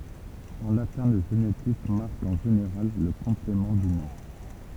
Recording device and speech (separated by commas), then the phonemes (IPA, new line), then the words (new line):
temple vibration pickup, read sentence
ɑ̃ latɛ̃ lə ʒenitif maʁk ɑ̃ ʒeneʁal lə kɔ̃plemɑ̃ dy nɔ̃
En latin, le génitif marque, en général, le complément du nom.